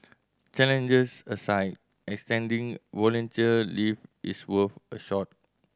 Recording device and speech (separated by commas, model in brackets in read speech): standing microphone (AKG C214), read sentence